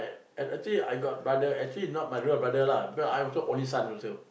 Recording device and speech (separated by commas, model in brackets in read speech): boundary microphone, conversation in the same room